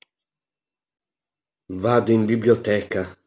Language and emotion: Italian, sad